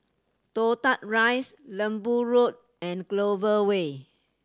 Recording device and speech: standing microphone (AKG C214), read sentence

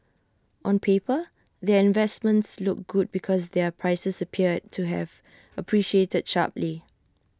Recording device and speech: standing microphone (AKG C214), read sentence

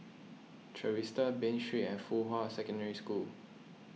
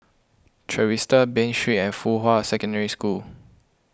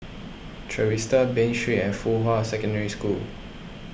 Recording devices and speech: mobile phone (iPhone 6), close-talking microphone (WH20), boundary microphone (BM630), read sentence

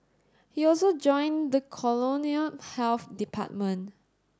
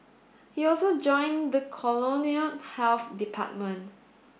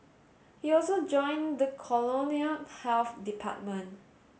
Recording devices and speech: standing microphone (AKG C214), boundary microphone (BM630), mobile phone (Samsung S8), read sentence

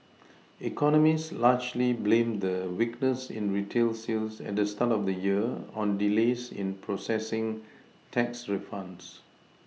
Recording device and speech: mobile phone (iPhone 6), read sentence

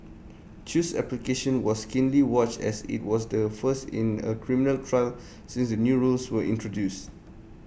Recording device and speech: boundary microphone (BM630), read sentence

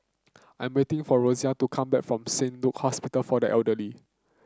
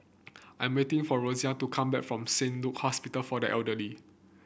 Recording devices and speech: close-talking microphone (WH30), boundary microphone (BM630), read sentence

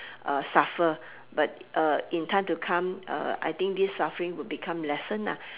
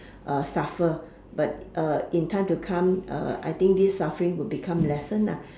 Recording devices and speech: telephone, standing microphone, conversation in separate rooms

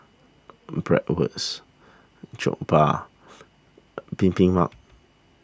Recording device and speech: standing microphone (AKG C214), read sentence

